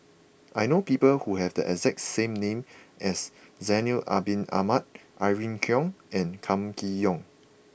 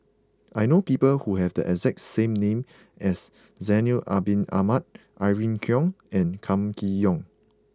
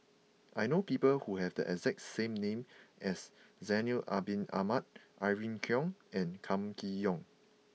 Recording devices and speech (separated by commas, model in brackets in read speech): boundary microphone (BM630), close-talking microphone (WH20), mobile phone (iPhone 6), read sentence